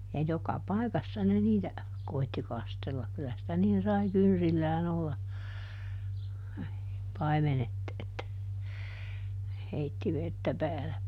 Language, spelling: Finnish, ja joka paikassa ne niitä koetti kastella kyllä sitä niin sai kynsillään olla paimenet että ne heitti vettä päälle
- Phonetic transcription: ja ˈjoka "pàikassa ne ˈniitä , ˈkoitti ˈkastellak kylä sitä niin sai "kynsillään ‿olla , ˈpaimenet , että , ne ˈheitti ˈvettä ˈpääle .

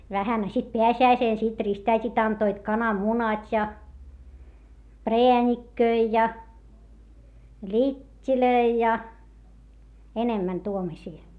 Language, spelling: Finnish, vähän a sitten pääsiäisenä sitten ristiäidit antoivat kananmunat ja präänikköjä ja littejä ja enemmän tuommoisia
- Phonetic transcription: vähän - a sit peäsi₍äisèn sit rist₍äit́it antoit kanammunat́ ja , preäńikköi ja , ĺit́t́ilöi ja , enemmän tuomośii .

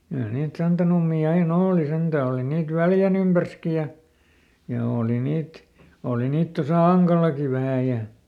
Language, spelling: Finnish, kyllä niitä santanummia aina oli sentään oli niitä Väljän ympärissäkin ja ja oli niitä oli niitä tuossa Ankallakin vähän ja
- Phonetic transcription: kyä niit ˈsantanummii ai"n ‿ooli ˈsentä ˈoli niit "Väljän ‿ympärski ja , ja ˈooli ˈniit , ˈòli ˈniit tosà "Aŋkal̆laki vähä̀ ja ,.

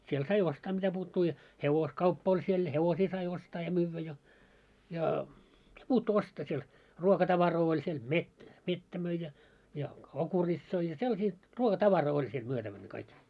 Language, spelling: Finnish, siellä sai ostaa mitä puuttuu ja hevoskauppa oli siellä ja hevosia sai ostaa ja myydä ja ja mitä puuttuu ostaa siellä ruokatavaraa oli siellä - mettä myi ja ja okuritsoja ja sellaisia ruokatavaraa oli siellä myytävänä kaikki
- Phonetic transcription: siel sai 'ostaa 'mitäpuuttuu ja , "hevos'kauppa oĺ siel ja 'hevosii sai 'ostaa ja 'myyvvä ja , ja , ᵐⁱᵗᵃ̈'puuttuu 'ostaa siel , 'ruoka'tavaroo oĺ siel , 'met- 'mettä möi ja , ja 'okuritsoi ja sellasii , 'ruoka'tavaroo oĺ siel 'myötävänⁿᵃ̈ kaik .

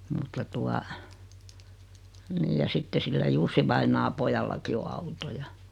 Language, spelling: Finnish, mutta tuota niin ja sitten sillä Jussi-vainajan pojallakin on auto ja
- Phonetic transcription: mutta tua , 'niij ja 'sitte sillä 'Jussivainaa pojallaki o 'auto ja .

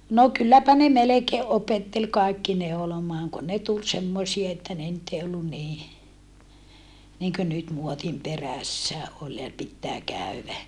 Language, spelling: Finnish, no kylläpä ne melkein opetteli kaikki neulomaan kun ne tuli semmoisia että ne nyt ei ollut niin niin kuin nyt muodin perässä oli ja pitää käydä
- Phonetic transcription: no kylläpä ne melekee opettel kaikki neolomaaŋ kun ne tul semmosie että ne nyt ei ollun nii , niŋkö nyt muotim perässä , ol ja pittää kä̀yvä .

